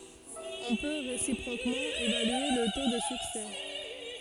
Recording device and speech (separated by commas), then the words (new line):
forehead accelerometer, read sentence
On peut, réciproquement, évaluer le taux de succès.